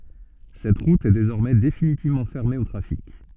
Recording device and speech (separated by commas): soft in-ear microphone, read sentence